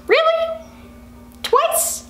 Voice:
high-pitched